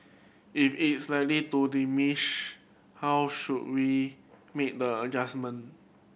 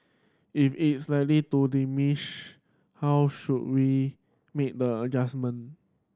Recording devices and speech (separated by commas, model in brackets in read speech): boundary microphone (BM630), standing microphone (AKG C214), read sentence